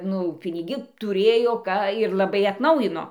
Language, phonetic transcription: Lithuanian, nu piniˈgi tuˈrėjo ˈką ir laˈbai atˈnaujino

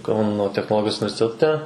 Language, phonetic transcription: Lithuanian, ˈkauno technoˈlogijos universiteˈte

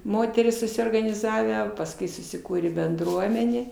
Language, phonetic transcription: Lithuanian, ˈmoterys susiorganiˈzavę pasˈkui susiˈkūrė benˈdruomenė

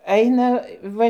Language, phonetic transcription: Lithuanian, ˈaina ˈva

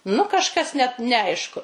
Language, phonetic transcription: Lithuanian, nu kažˈkas net neˈaišku

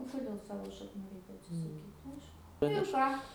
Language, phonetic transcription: Lithuanian, o koˈdėl ˈsavo šakˈnų ˈreikia atsisaˈkyt ˈaišku ˈnu ir ˈką

